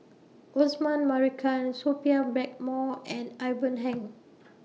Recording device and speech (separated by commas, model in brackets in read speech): mobile phone (iPhone 6), read sentence